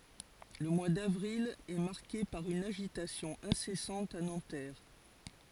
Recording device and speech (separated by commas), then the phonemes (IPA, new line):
forehead accelerometer, read sentence
lə mwa davʁil ɛ maʁke paʁ yn aʒitasjɔ̃ ɛ̃sɛsɑ̃t a nɑ̃tɛʁ